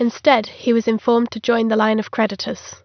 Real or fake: real